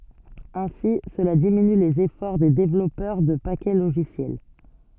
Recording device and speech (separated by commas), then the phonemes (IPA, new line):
soft in-ear microphone, read sentence
ɛ̃si səla diminy lez efɔʁ de devlɔpœʁ də pakɛ loʒisjɛl